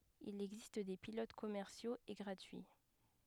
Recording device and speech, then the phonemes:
headset microphone, read sentence
il ɛɡzist de pilot kɔmɛʁsjoz e ɡʁatyi

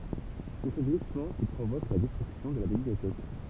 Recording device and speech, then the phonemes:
temple vibration pickup, read sentence
sɛ sə ɡlismɑ̃ ki pʁovok la dɛstʁyksjɔ̃ də la bibliotɛk

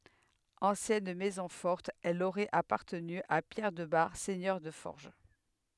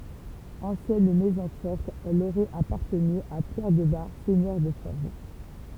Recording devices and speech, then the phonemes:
headset microphone, temple vibration pickup, read sentence
ɑ̃sjɛn mɛzɔ̃ fɔʁt ɛl oʁɛt apaʁtəny a pjɛʁ də baʁ sɛɲœʁ də fɔʁʒ

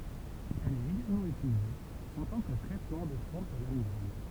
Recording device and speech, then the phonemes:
temple vibration pickup, read sentence
ɛl ɛt eɡalmɑ̃ ytilize ɑ̃ tɑ̃ kə tʁɛtmɑ̃ də fɔ̃ də la miɡʁɛn

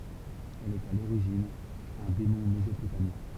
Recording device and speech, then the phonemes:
temple vibration pickup, read sentence
ɛl ɛt a loʁiʒin œ̃ demɔ̃ mezopotamjɛ̃

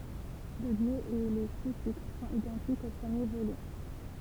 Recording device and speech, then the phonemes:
temple vibration pickup, read sentence
lodjo e le sustitʁ sɔ̃t idɑ̃tikz o pʁəmje volym

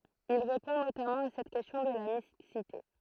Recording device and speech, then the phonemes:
throat microphone, read sentence
il ʁepɔ̃ notamɑ̃ a sɛt kɛstjɔ̃ də la miksite

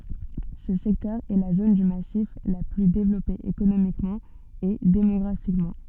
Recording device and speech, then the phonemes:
soft in-ear microphone, read sentence
sə sɛktœʁ ɛ la zon dy masif la ply devlɔpe ekonomikmɑ̃ e demɔɡʁafikmɑ̃

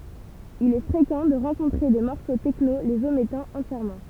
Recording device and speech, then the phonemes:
temple vibration pickup, read sentence
il ɛ fʁekɑ̃ də ʁɑ̃kɔ̃tʁe de mɔʁso tɛkno lez omɛtɑ̃ ɑ̃tjɛʁmɑ̃

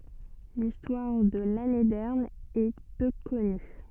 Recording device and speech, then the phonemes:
soft in-ear microphone, read sentence
listwaʁ də lanedɛʁn ɛ pø kɔny

